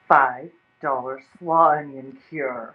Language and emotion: English, angry